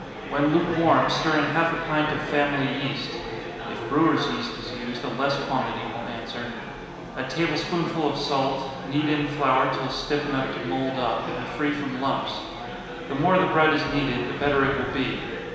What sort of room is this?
A large and very echoey room.